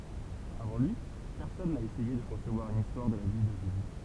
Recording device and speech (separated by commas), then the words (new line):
temple vibration pickup, read sentence
Avant lui, personne n'a essayé de concevoir une histoire de la vie de Jésus.